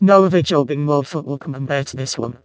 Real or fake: fake